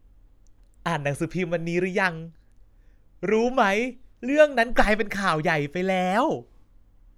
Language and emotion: Thai, happy